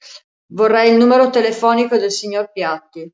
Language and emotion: Italian, neutral